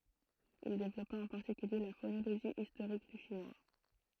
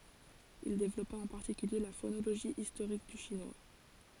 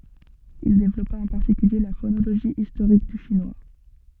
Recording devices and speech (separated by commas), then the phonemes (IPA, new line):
throat microphone, forehead accelerometer, soft in-ear microphone, read sentence
il devlɔpa ɑ̃ paʁtikylje la fonoloʒi istoʁik dy ʃinwa